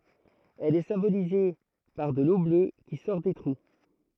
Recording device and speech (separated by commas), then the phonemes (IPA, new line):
throat microphone, read sentence
ɛl ɛ sɛ̃bolize paʁ də lo blø ki sɔʁ de tʁu